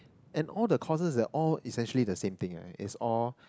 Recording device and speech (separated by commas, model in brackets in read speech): close-talking microphone, conversation in the same room